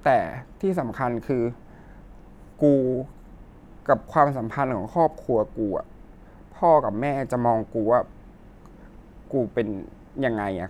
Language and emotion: Thai, sad